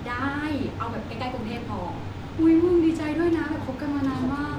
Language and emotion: Thai, happy